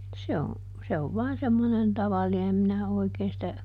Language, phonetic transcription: Finnish, ˈse on̬ , se ov ˈvai̮n semmonen ˈtavalli(nen) ˈem minä ˈoikeen sitä ,.
- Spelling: se on se on vain semmoinen tavallinen en minä oikein sitä

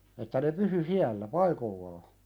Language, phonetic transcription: Finnish, että ne 'pysy "siällä , "paikollaa .
- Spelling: että ne pysyi siellä paikoillaan

